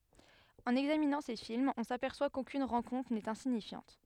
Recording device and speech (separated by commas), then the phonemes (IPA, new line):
headset microphone, read sentence
ɑ̃n ɛɡzaminɑ̃ se filmz ɔ̃ sapɛʁswa kokyn ʁɑ̃kɔ̃tʁ nɛt ɛ̃siɲifjɑ̃t